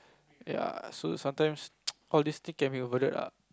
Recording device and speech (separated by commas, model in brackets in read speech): close-talking microphone, conversation in the same room